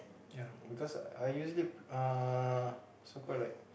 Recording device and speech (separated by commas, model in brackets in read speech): boundary microphone, conversation in the same room